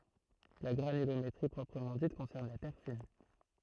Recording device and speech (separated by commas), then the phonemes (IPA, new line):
throat microphone, read sentence
la ɡʁanylometʁi pʁɔpʁəmɑ̃ dit kɔ̃sɛʁn la tɛʁ fin